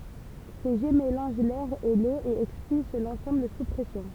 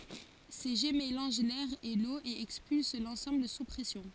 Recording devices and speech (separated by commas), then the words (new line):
temple vibration pickup, forehead accelerometer, read sentence
Ces jets mélangent l’air et l’eau et expulsent l’ensemble sous pression.